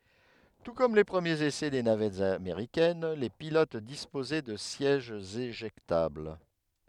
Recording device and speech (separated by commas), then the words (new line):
headset microphone, read sentence
Tout comme les premiers essais des navettes américaines, les pilotes disposaient de sièges éjectables.